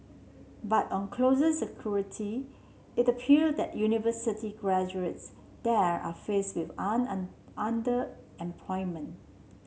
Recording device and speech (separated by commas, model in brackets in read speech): mobile phone (Samsung C7), read sentence